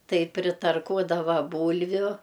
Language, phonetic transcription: Lithuanian, ˈtai pritarˈkuodava ˈbūlviu

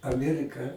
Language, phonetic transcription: Lithuanian, aˈmierika

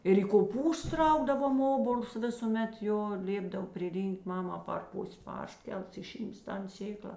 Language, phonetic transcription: Lithuanian, ir į koˈpūstus ˈraugdavom ˈobols ˈvisūˌmet ˈjo ˈlėpdav priˈryn'k't' ˈmama par ˈpus' ˈparˌskels iˈšyms ˈtan ˈsėkla

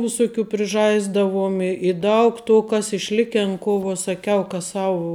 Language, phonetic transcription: Lithuanian, viˈsuˌkių priˈžaisdavuom i i ˈdaug to ˈkas išˈliken ˈko vo saˈkiau ka ˈsavu

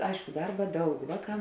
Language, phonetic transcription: Lithuanian, ˈaišku ˈdarba ˈdaug ˈvāˌkā

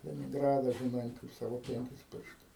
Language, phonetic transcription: Lithuanian, leninˈgrada žiˈnai kaip ˈsavo ˈpenkis ˈpirštus

